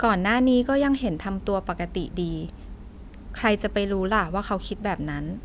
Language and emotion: Thai, neutral